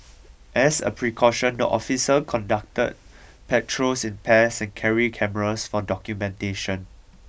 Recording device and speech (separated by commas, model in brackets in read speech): boundary microphone (BM630), read sentence